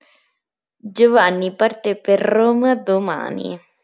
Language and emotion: Italian, disgusted